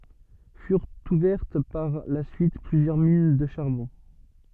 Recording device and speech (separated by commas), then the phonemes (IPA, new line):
soft in-ear microphone, read sentence
fyʁt uvɛʁt paʁ la syit plyzjœʁ min də ʃaʁbɔ̃